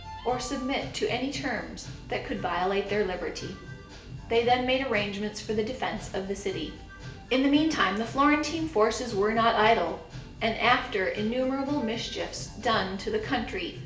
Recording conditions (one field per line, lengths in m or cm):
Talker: one person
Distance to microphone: 1.8 m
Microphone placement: close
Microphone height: 1.0 m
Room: large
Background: music